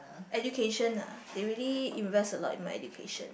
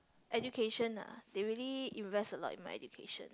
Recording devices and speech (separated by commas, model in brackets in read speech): boundary microphone, close-talking microphone, conversation in the same room